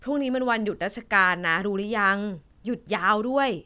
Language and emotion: Thai, neutral